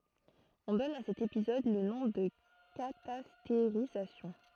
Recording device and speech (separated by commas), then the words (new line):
throat microphone, read sentence
On donne à cet épisode le nom de catastérisation.